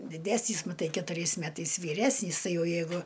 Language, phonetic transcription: Lithuanian, diˈdesnys maˈtai ketuˈriais ˈmetais vyˈresnys ˈtai ˈjau jeiˈgu

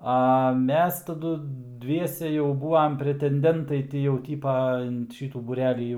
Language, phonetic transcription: Lithuanian, a ˈmes taˈdu ˈdviese jau ˈbūam pretenˈdentai ˈti jau ˈtypa in ˈšytų būˈrelį jau

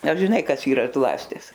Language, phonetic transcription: Lithuanian, ar žiˈnai ˈkas ˈyra ˈzlastis

